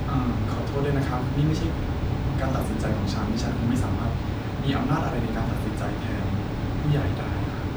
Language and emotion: Thai, frustrated